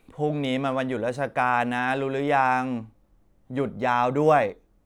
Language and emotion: Thai, frustrated